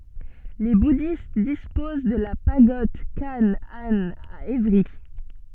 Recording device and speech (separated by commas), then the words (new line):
soft in-ear microphone, read sentence
Les bouddhistes disposent de la Pagode Khánh-Anh à Évry.